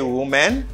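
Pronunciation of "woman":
This is an incorrect pronunciation of the plural 'women': it is said the same way as the singular 'woman'.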